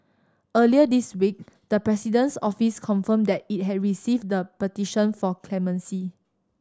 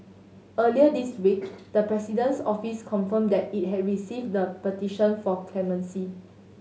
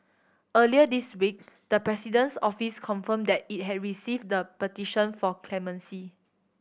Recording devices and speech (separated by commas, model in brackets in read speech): standing microphone (AKG C214), mobile phone (Samsung S8), boundary microphone (BM630), read sentence